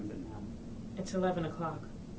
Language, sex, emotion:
English
female
neutral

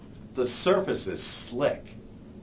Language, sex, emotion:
English
male
neutral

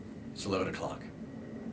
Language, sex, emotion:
English
male
neutral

